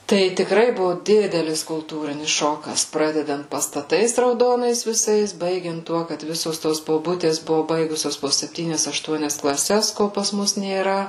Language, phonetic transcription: Lithuanian, tai tikˈrai ˈbuvo ˈdidelis kulˈtūrinis ˈšokas ˈpradedant pastaˈtais rauˈdonais viˈsais ˈbaigiant ˈtuo kad ˈvisos ˈtos boˈbutės ˈbuvo ˈbaigusios po sepˈtynias ašˈtuonias klaˈses ˈko pas ˈmus nėˈra

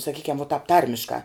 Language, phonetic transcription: Lithuanian, saˈkykiam vo tāp ˈtarmiškā

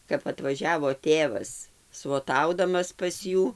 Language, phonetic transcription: Lithuanian, kap atvaˈžiavo ˈtėvas svoˈtaudamas pas ˈjų

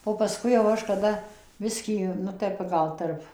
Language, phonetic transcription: Lithuanian, o paˈskui jau ˈaš kaˈda ˈbiskį nu ˈtep ˈgal tarp

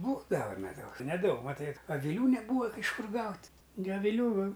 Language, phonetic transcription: Lithuanian, ˈbūdava meˈdaus neˈdaug maˈtai aviˈlių neˈbūva iš ˈkur ˈgaut' gi aviˈlių

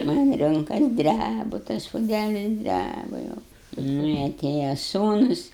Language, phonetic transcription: Lithuanian, tai man' ˈrunkas ˈdræbu tas puˈdælis ˈdræbu jau ˈnu i aˈtėja ˈsūnus

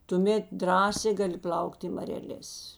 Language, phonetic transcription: Lithuanian, tuˈmėt ˈdrąsė ˈgaˌli ˈplaukt' i mareˈlės

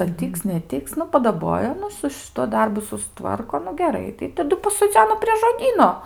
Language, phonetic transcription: Lithuanian, ar ˈtyks neˈtiks nu padaˈboja ˈnu su šiˈtuo ˈdarbu susˈtvarko nu geˈrai tai taˈdu pasoˈdzeno prie žoˈdyno

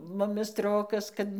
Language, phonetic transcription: Lithuanian, ˈmumi ˈstrokas kad

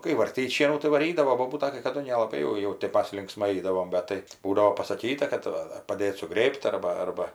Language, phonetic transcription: Lithuanian, kai varˈtyt' ˈšienų tai vaˈrydavo ˈbobūta kai kaˈdu nelaˈbai jau ˈjau tėp ˈmas linkˈsmai ˈaidavom ˈbet tai ˈbūdavo pasaˈkyta kad ˈva ar paˈdėt suˈgrėb't' ˈarba ˈarba

